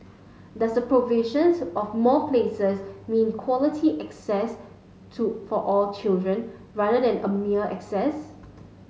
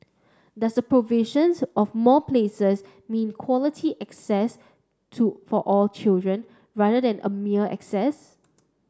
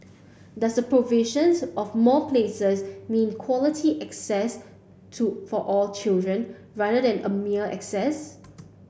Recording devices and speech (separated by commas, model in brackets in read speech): mobile phone (Samsung S8), standing microphone (AKG C214), boundary microphone (BM630), read sentence